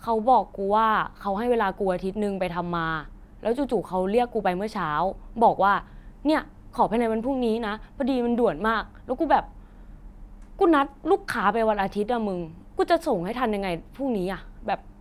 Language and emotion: Thai, frustrated